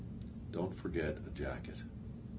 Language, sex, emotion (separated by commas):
English, male, neutral